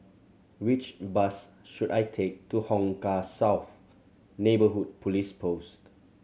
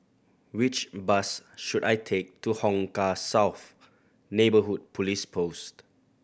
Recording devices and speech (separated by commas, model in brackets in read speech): mobile phone (Samsung C7100), boundary microphone (BM630), read sentence